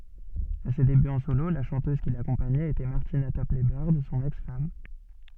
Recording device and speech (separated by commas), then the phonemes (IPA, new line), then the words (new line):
soft in-ear microphone, read sentence
a se debyz ɑ̃ solo la ʃɑ̃tøz ki lakɔ̃paɲɛt etɛ maʁtina tɔplɛ bœʁd sɔ̃n ɛks fam
À ses débuts en solo, la chanteuse qui l'accompagnait était Martina Topley-Bird, son ex-femme.